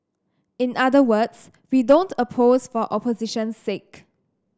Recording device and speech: standing microphone (AKG C214), read sentence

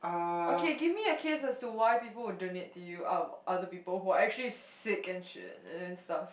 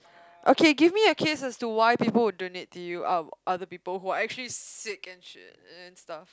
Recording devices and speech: boundary microphone, close-talking microphone, conversation in the same room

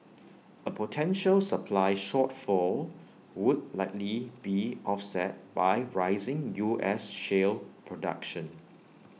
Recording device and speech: mobile phone (iPhone 6), read sentence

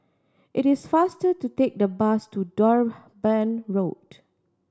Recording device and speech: standing microphone (AKG C214), read sentence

